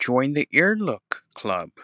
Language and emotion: English, sad